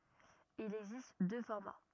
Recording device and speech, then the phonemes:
rigid in-ear microphone, read sentence
il ɛɡzist dø fɔʁma

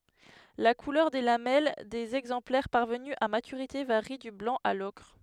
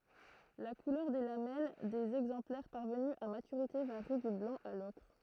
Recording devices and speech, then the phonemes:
headset microphone, throat microphone, read sentence
la kulœʁ de lamɛl dez ɛɡzɑ̃plɛʁ paʁvəny a matyʁite vaʁi dy blɑ̃ a lɔkʁ

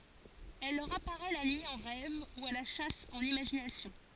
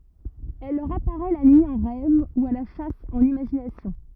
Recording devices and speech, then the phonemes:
forehead accelerometer, rigid in-ear microphone, read sentence
ɛl lœʁ apaʁɛ la nyi ɑ̃ ʁɛv u a la ʃas ɑ̃n imaʒinasjɔ̃

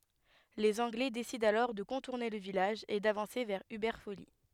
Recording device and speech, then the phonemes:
headset microphone, read sentence
lez ɑ̃ɡlɛ desidɑ̃ alɔʁ də kɔ̃tuʁne lə vilaʒ e davɑ̃se vɛʁ ybɛʁ foli

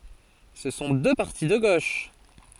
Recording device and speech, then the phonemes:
forehead accelerometer, read sentence
sə sɔ̃ dø paʁti də ɡoʃ

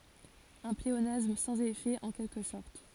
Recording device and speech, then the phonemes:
forehead accelerometer, read sentence
œ̃ pleonasm sɑ̃z efɛ ɑ̃ kɛlkə sɔʁt

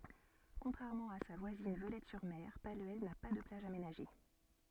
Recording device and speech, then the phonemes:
soft in-ear microphone, read sentence
kɔ̃tʁɛʁmɑ̃ a sa vwazin vølɛtɛsyʁme palyɛl na pa də plaʒ amenaʒe

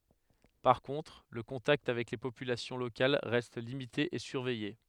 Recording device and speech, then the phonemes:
headset microphone, read sentence
paʁ kɔ̃tʁ lə kɔ̃takt avɛk le popylasjɔ̃ lokal ʁɛst limite e syʁvɛje

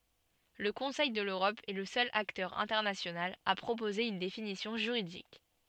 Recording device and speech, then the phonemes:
soft in-ear microphone, read sentence
lə kɔ̃sɛj də løʁɔp ɛ lə sœl aktœʁ ɛ̃tɛʁnasjonal a pʁopoze yn definisjɔ̃ ʒyʁidik

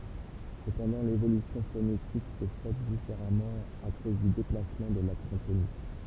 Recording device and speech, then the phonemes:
temple vibration pickup, read sentence
səpɑ̃dɑ̃ levolysjɔ̃ fonetik sɛ fɛt difeʁamɑ̃ a koz dy deplasmɑ̃ də laksɑ̃ tonik

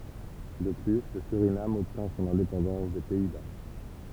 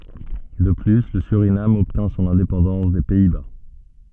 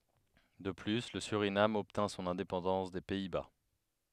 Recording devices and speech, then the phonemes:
temple vibration pickup, soft in-ear microphone, headset microphone, read sentence
də ply lə syʁinam ɔbtɛ̃ sɔ̃n ɛ̃depɑ̃dɑ̃s de pɛi ba

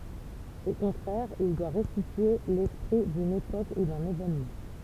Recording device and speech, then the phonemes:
temple vibration pickup, read sentence
o kɔ̃tʁɛʁ il dwa ʁɛstitye lɛspʁi dyn epok u dœ̃n evenmɑ̃

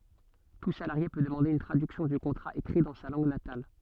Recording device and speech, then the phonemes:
soft in-ear microphone, read sentence
tu salaʁje pø dəmɑ̃de yn tʁadyksjɔ̃ dy kɔ̃tʁa ekʁi dɑ̃ sa lɑ̃ɡ natal

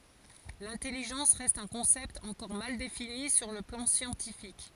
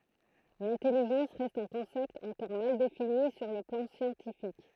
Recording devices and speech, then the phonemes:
forehead accelerometer, throat microphone, read sentence
lɛ̃tɛliʒɑ̃s ʁɛst œ̃ kɔ̃sɛpt ɑ̃kɔʁ mal defini syʁ lə plɑ̃ sjɑ̃tifik

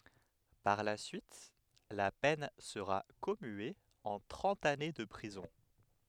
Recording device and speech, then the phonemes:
headset microphone, read sentence
paʁ la syit la pɛn səʁa kɔmye ɑ̃ tʁɑ̃t ane də pʁizɔ̃

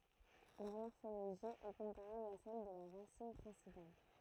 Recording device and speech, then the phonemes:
throat microphone, read sentence
lœʁ mɔʁfoloʒi ɛ kɔ̃paʁabl a sɛl də la ʁasin pʁɛ̃sipal

